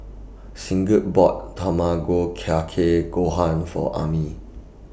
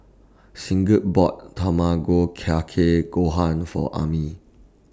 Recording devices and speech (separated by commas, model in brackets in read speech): boundary microphone (BM630), standing microphone (AKG C214), read sentence